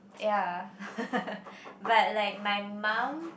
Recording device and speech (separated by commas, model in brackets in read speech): boundary microphone, conversation in the same room